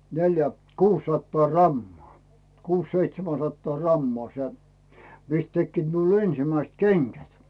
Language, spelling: Finnish, neljä kuusisataa grammaa kuusi seitsemän sataa grammaa se mistä tekivät minulla ensimmäiset kengät
- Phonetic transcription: 'neljä , "kuussattaa 'rammᵒà , 'kuus "seitsemän̬ 'sattaa rammᵒà se , 'mist 'tekkiit miul "ensⁱmäist "keŋGät .

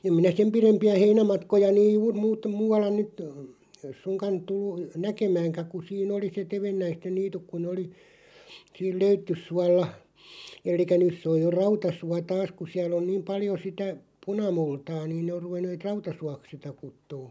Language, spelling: Finnish, en minä sen pidempiä heinämatkoja niin juuri - muualla nyt suinkaan tullut näkemäänkään kun siinä oli se tevennäisten niityt kun ne oli siinä Löyttysuolla eli nyt se on jo Rautasuo taas kun siellä on niin paljon sitä punamultaa niin ne on ruvenneet Rautasuoksi sitä kutsumaan
- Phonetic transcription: 'em minä "sem 'pirempi₍ä "heinämatkoja (niij) 'juur muut- 'muu₍alla nyt , 'suŋkan , 'tullu , "näkemääŋkä ku 'siin ‿oli 'se "tevennäisten "niituk ku ne oli , 'siil "Löyttyssualla , 'el̆likä 'nys se oj jo "Rautasua 'taas ku siäl ‿on niim 'paljo 'sitä , "punamultaa niin ne or 'ruvenneeᵗ "Rauta'suak 'sitä 'kuttuu .

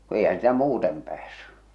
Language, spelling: Finnish, kun eihän sitä muuten päässyt
- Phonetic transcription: ku eihän sⁱtä 'muutem päässy .

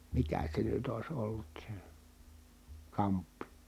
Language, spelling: Finnish, mikä se nyt olisi ollut se kamppi
- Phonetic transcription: mikä se nyt ‿ois ollut se , kamppi ?

